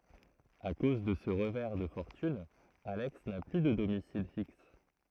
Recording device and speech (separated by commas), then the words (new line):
throat microphone, read sentence
À cause de ce revers de fortune, Alex n'a plus de domicile fixe.